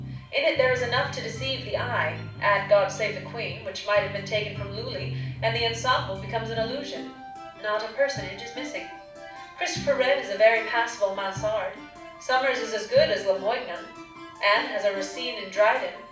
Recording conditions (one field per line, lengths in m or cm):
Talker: one person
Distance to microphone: 5.8 m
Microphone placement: far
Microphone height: 1.8 m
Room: medium-sized (5.7 m by 4.0 m)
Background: music